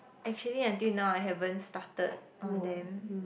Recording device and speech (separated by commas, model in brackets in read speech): boundary microphone, conversation in the same room